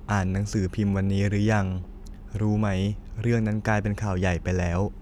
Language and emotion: Thai, neutral